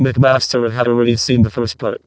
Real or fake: fake